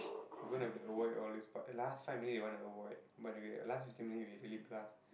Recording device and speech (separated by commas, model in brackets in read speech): boundary microphone, conversation in the same room